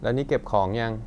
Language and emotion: Thai, neutral